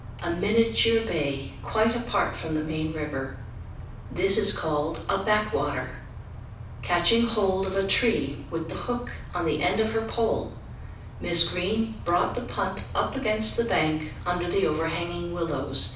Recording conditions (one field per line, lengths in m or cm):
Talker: one person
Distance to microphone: 5.8 m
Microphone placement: far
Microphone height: 1.8 m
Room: medium-sized (5.7 m by 4.0 m)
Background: none